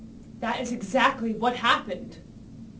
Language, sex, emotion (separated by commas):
English, female, angry